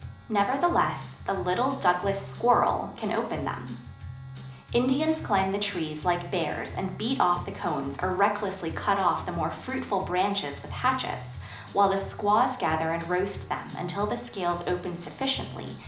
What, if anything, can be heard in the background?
Music.